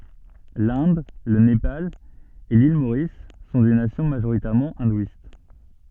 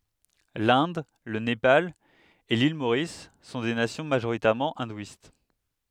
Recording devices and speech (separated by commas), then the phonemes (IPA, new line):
soft in-ear microphone, headset microphone, read sentence
lɛ̃d lə nepal e lil moʁis sɔ̃ de nasjɔ̃ maʒoʁitɛʁmɑ̃ ɛ̃dwist